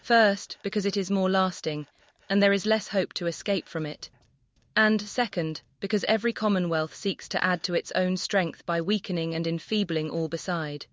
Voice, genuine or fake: fake